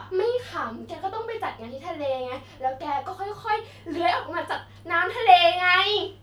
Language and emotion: Thai, happy